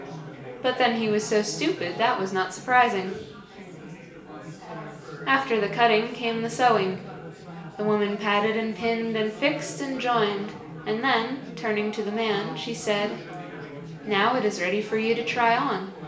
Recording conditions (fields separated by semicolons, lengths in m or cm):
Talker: one person; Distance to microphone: 1.8 m; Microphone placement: close; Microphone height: 1.0 m; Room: large; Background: babble